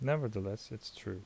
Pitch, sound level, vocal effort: 105 Hz, 74 dB SPL, soft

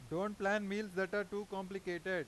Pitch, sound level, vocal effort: 195 Hz, 95 dB SPL, loud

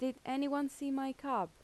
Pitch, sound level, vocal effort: 270 Hz, 84 dB SPL, normal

